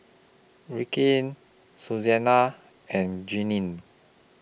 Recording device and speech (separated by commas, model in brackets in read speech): boundary microphone (BM630), read sentence